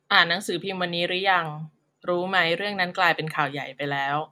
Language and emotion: Thai, neutral